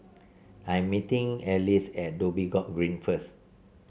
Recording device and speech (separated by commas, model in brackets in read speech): mobile phone (Samsung C7), read sentence